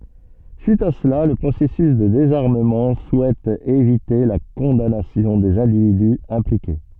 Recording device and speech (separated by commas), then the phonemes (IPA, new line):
soft in-ear microphone, read sentence
syit a səla lə pʁosɛsys də dezaʁməmɑ̃ suɛt evite la kɔ̃danasjɔ̃ dez ɛ̃dividy ɛ̃plike